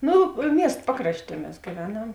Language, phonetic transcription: Lithuanian, ˈno ˈmiest ˈpakrašˌtie ˈmes gyˈvenam

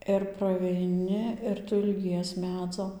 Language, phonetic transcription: Lithuanian, ir praveiˈni ir ˈtu ilˈgies ˈmedzo

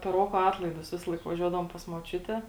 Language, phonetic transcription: Lithuanian, per ˈroko ˈatlaidus ˈvisalaik vaˈžiuodavom pas moˈčiute

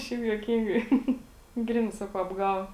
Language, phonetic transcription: Lithuanian, ˈšiaip juoˈkyngai ˈgrinai ˈsakau apˈgavo

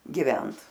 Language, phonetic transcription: Lithuanian, giˈvent

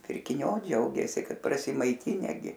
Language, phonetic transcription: Lithuanian, pirkiˈniu ˈdžiaugėsi ˈkad prasimaiˈtine ˈgi

